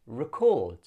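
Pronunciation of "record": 'Record' is said as the verb, with the stress on the second syllable.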